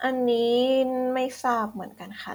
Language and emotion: Thai, neutral